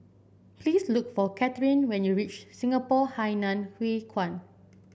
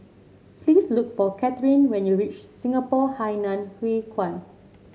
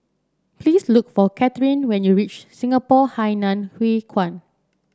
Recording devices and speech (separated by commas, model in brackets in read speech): boundary microphone (BM630), mobile phone (Samsung C7), standing microphone (AKG C214), read sentence